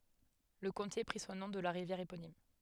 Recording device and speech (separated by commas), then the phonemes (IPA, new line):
headset microphone, read sentence
lə kɔ̃te pʁi sɔ̃ nɔ̃ də la ʁivjɛʁ eponim